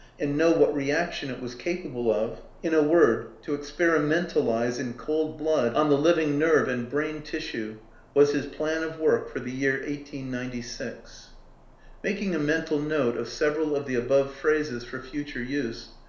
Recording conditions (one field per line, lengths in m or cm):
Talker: one person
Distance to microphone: 1.0 m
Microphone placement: close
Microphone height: 1.1 m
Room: small (3.7 m by 2.7 m)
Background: none